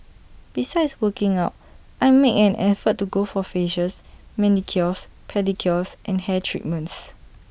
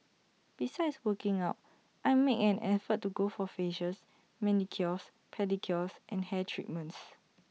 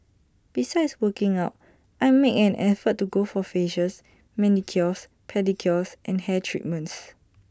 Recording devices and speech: boundary microphone (BM630), mobile phone (iPhone 6), standing microphone (AKG C214), read sentence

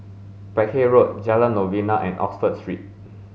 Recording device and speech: mobile phone (Samsung S8), read sentence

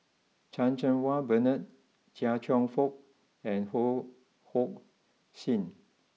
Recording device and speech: mobile phone (iPhone 6), read sentence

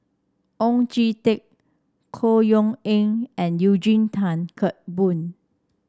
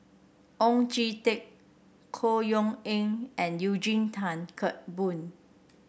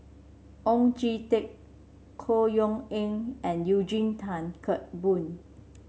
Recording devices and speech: standing microphone (AKG C214), boundary microphone (BM630), mobile phone (Samsung C7), read sentence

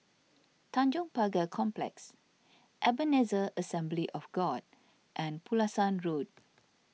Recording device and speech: mobile phone (iPhone 6), read sentence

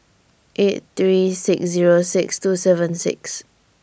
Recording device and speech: boundary microphone (BM630), read sentence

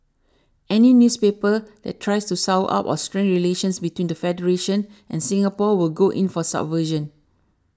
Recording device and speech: standing microphone (AKG C214), read sentence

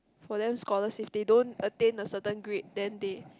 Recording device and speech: close-talking microphone, conversation in the same room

